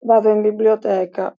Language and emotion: Italian, sad